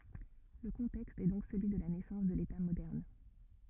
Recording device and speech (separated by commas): rigid in-ear microphone, read sentence